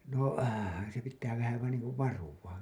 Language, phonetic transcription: Finnish, nò , se pittää vähä vain niiŋ kuv varuwa .
- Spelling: no se pitää vähän vain niin kuin varuillaan

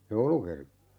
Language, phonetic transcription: Finnish, 'jouluki .
- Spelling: joulukirkko

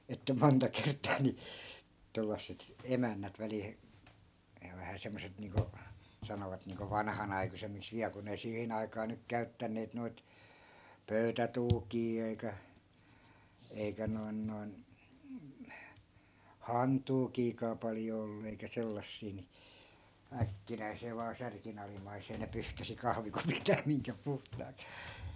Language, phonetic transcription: Finnish, että 'monta 'kert̆taa ni , 'tollasset , 'emännät välil (he-) , ja vähä 'semmoset 'niiŋko , 'sanovat niiŋko "vanhanai̮kusemmiks viä(l) kun ‿ei 'sihin ‿ai̮kaa nyk 'käyttänneet noit , "pöytätuukii ei̮kä , 'eikä 'noi̮n 'noi̮n , "hantuukiikaa 'paljo ollu eikä 'sellassii ni , 'äkkinäi̮see vaa 'särkin ‿alim̆maisee ne 'pyhkäsi 'kahvikupit (ja) miŋkä 'puhtaak(s) .
- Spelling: että monta kertaa niin tuollaiset emännät välillä - ja vähän semmoiset niin kuin sanovat niin kuin vanhanaikuisemmiksi vielä kun ei siihen aikaan nyt käyttäneet noita pöytätuukeja eikä eikä noin noin hantuukejakaan paljon ollut eikä sellaisia niin äkkinäiseen vain särkin alimmaiseen ne pyyhkäisi kahvikupit ja minkä puhtaaksi

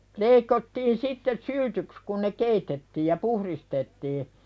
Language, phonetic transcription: Finnish, 'leikottiin sitteˢ "syltyks kun ne "keitettiij ja 'puhristettii .
- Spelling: leikattiin sitten syltyksi kun ne keitettiin ja puhdistettiin

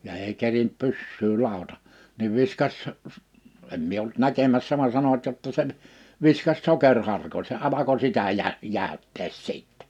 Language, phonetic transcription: Finnish, ja èi 'kerint 'pyssyy 'làota , niv 'viskas s- , em mie olt 'näkemässä van 'sanoᵛᵃt jotta seɴ , 'viskas 'sokerharko(n) se 'alako 'sitä 'jä- , 'jä̀öttees 'sìttɛ .
- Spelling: ja ei kerinnyt pyssyä ladata niin viskasi - en minä ollut näkemässä vaan sanovat jotta sen viskasi sokeriharkon se alkoi sitä - jäytää sitten

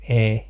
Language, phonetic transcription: Finnish, "e .
- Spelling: en

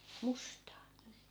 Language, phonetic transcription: Finnish, 'mustaa .
- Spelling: mustaa

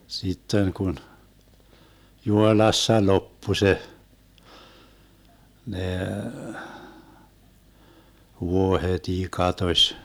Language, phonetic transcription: Finnish, 'sitten kun , "Juhoⁱlassa 'loppu 'se , nee , vuohet́ii katoś .
- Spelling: sitten kun Juhoilassa loppui se ne vuohetkin katosi

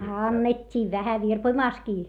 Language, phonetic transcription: Finnish, annet́t́iiᵛ vähä virpoⁱmàskii .
- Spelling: annettiin vähän virpomassakin

